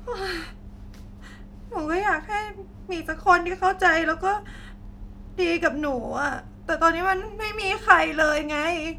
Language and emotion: Thai, sad